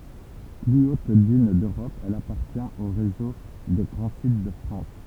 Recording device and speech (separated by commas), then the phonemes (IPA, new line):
temple vibration pickup, read sentence
ply ot dyn døʁɔp ɛl apaʁtjɛ̃t o ʁezo de ɡʁɑ̃ sit də fʁɑ̃s